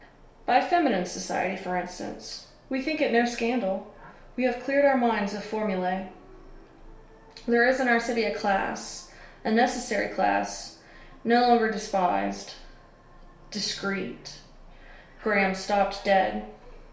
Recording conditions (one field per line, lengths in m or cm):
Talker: one person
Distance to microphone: 1.0 m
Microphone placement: close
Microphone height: 1.1 m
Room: small (3.7 m by 2.7 m)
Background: television